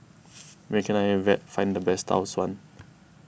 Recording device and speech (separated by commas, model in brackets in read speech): boundary microphone (BM630), read sentence